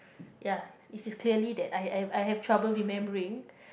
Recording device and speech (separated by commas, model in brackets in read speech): boundary microphone, conversation in the same room